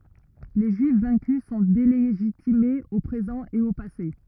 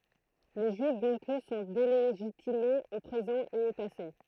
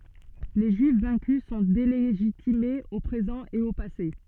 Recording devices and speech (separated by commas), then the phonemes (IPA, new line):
rigid in-ear microphone, throat microphone, soft in-ear microphone, read sentence
le ʒyif vɛ̃ky sɔ̃ deleʒitimez o pʁezɑ̃ e o pase